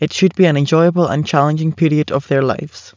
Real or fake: real